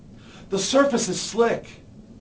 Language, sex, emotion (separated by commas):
English, male, fearful